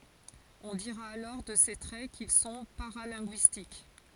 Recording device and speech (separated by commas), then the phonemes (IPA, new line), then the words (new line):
forehead accelerometer, read sentence
ɔ̃ diʁa alɔʁ də se tʁɛ kil sɔ̃ paʁalɛ̃ɡyistik
On dira alors de ces traits qu'ils sont paralinguistiques.